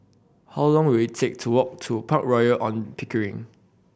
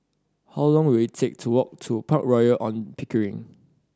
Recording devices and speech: boundary microphone (BM630), standing microphone (AKG C214), read sentence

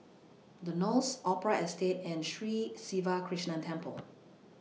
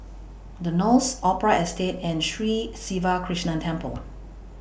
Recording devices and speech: mobile phone (iPhone 6), boundary microphone (BM630), read sentence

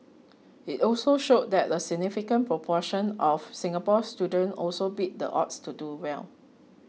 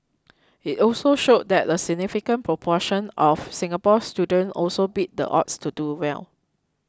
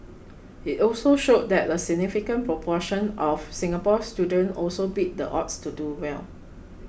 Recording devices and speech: mobile phone (iPhone 6), close-talking microphone (WH20), boundary microphone (BM630), read sentence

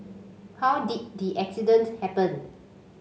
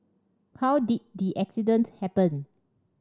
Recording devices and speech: mobile phone (Samsung C5), standing microphone (AKG C214), read sentence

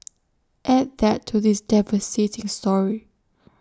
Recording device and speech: standing microphone (AKG C214), read sentence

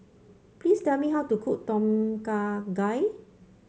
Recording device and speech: mobile phone (Samsung C5), read sentence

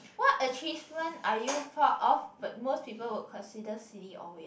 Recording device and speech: boundary microphone, conversation in the same room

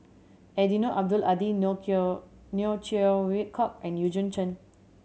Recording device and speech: mobile phone (Samsung C7100), read sentence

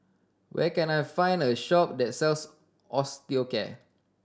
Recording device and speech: standing microphone (AKG C214), read sentence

